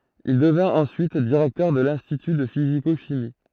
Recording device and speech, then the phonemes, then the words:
throat microphone, read sentence
il dəvɛ̃t ɑ̃syit diʁɛktœʁ də lɛ̃stity də fiziko ʃimi
Il devint ensuite directeur de l'institut de physico-chimie.

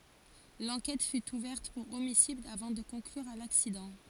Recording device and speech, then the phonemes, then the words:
forehead accelerometer, read sentence
lɑ̃kɛt fy uvɛʁt puʁ omisid avɑ̃ də kɔ̃klyʁ a laksidɑ̃
L'enquête fut ouverte pour homicide avant de conclure à l'accident.

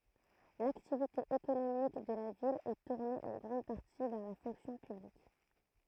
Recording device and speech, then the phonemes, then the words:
throat microphone, read sentence
laktivite ekonomik də la vil ɛ tuʁne ɑ̃ ɡʁɑ̃d paʁti vɛʁ la fɔ̃ksjɔ̃ pyblik
L'activité économique de la ville est tournée en grande partie vers la fonction publique.

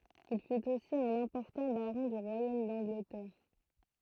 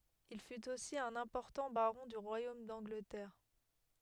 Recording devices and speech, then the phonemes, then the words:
throat microphone, headset microphone, read sentence
il fyt osi œ̃n ɛ̃pɔʁtɑ̃ baʁɔ̃ dy ʁwajom dɑ̃ɡlətɛʁ
Il fut aussi un important baron du royaume d'Angleterre.

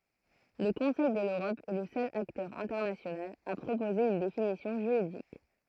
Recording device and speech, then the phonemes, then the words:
throat microphone, read sentence
lə kɔ̃sɛj də løʁɔp ɛ lə sœl aktœʁ ɛ̃tɛʁnasjonal a pʁopoze yn definisjɔ̃ ʒyʁidik
Le Conseil de l’Europe est le seul acteur international à proposer une définition juridique.

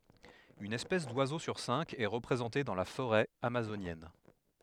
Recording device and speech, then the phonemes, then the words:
headset microphone, read sentence
yn ɛspɛs dwazo syʁ sɛ̃k ɛ ʁəpʁezɑ̃te dɑ̃ la foʁɛ amazonjɛn
Une espèce d’oiseaux sur cinq est représentée dans la forêt amazonienne.

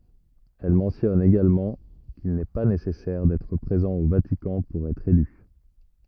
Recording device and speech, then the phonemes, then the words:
rigid in-ear microphone, read sentence
ɛl mɑ̃tjɔn eɡalmɑ̃ kil nɛ pa nesɛsɛʁ dɛtʁ pʁezɑ̃ o vatikɑ̃ puʁ ɛtʁ ely
Elle mentionne également qu'il n'est pas nécessaire d'être présent au Vatican pour être élu.

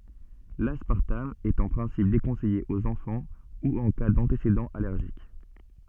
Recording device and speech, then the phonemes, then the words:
soft in-ear microphone, read sentence
laspaʁtam ɛt ɑ̃ pʁɛ̃sip dekɔ̃sɛje oz ɑ̃fɑ̃ u ɑ̃ ka dɑ̃tesedɑ̃z alɛʁʒik
L'aspartame est en principe déconseillé aux enfants ou en cas d'antécédents allergiques.

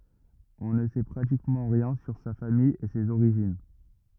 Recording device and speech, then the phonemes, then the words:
rigid in-ear microphone, read sentence
ɔ̃ nə sɛ pʁatikmɑ̃ ʁjɛ̃ syʁ sa famij e sez oʁiʒin
On ne sait pratiquement rien sur sa famille et ses origines.

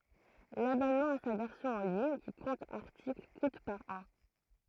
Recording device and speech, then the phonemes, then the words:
throat microphone, read sentence
labɔnmɑ̃ a sa vɛʁsjɔ̃ ɑ̃ liɲ ki kɔ̃t aʁtikl kut paʁ ɑ̃
L'abonnement à sa version en ligne, qui compte articles, coûte par an.

